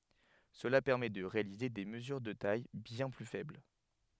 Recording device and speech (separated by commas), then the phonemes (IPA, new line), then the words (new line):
headset microphone, read sentence
səla pɛʁmɛ də ʁealize de məzyʁ də taj bjɛ̃ ply fɛbl
Cela permet de réaliser des mesures de tailles bien plus faibles.